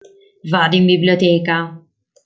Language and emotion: Italian, neutral